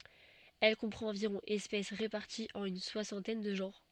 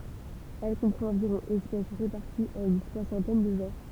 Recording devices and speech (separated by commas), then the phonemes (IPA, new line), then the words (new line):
soft in-ear microphone, temple vibration pickup, read sentence
ɛl kɔ̃pʁɑ̃t ɑ̃viʁɔ̃ ɛspɛs ʁepaʁtiz ɑ̃n yn swasɑ̃tɛn də ʒɑ̃ʁ
Elle comprend environ espèces réparties en une soixantaine de genres.